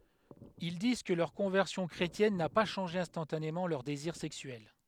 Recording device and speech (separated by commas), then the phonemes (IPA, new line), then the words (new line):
headset microphone, read sentence
il diz kə lœʁ kɔ̃vɛʁsjɔ̃ kʁetjɛn na pa ʃɑ̃ʒe ɛ̃stɑ̃tanemɑ̃ lœʁ deziʁ sɛksyɛl
Ils disent que leur conversion chrétienne n'a pas changé instantanément leurs désirs sexuels.